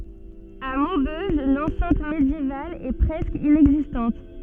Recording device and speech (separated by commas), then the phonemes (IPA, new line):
soft in-ear microphone, read sentence
a mobøʒ lɑ̃sɛ̃t medjeval ɛ pʁɛskə inɛɡzistɑ̃t